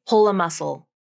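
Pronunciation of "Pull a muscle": In 'pull a muscle', 'pull' links into 'a', and its L is a light L.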